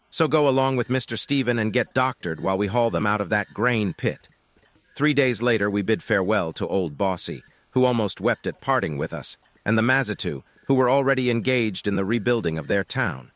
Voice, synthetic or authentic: synthetic